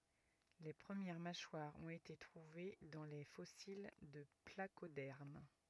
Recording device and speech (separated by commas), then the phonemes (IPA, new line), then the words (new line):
rigid in-ear microphone, read sentence
le pʁəmjɛʁ maʃwaʁz ɔ̃t ete tʁuve dɑ̃ le fɔsil də plakodɛʁm
Les premières mâchoires ont été trouvées dans les fossiles de placodermes.